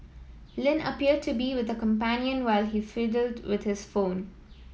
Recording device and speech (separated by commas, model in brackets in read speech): mobile phone (iPhone 7), read sentence